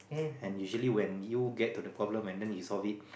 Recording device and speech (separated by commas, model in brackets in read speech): boundary microphone, conversation in the same room